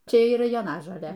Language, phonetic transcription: Lithuanian, ˈčia yˈra joˈnažolė

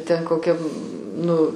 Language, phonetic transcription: Lithuanian, ten koˈkiam ˈnu

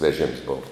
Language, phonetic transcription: Lithuanian, veˈžėms ˈbova

